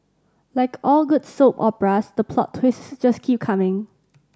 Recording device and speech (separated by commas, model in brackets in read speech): standing microphone (AKG C214), read sentence